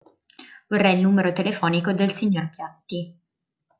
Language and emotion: Italian, neutral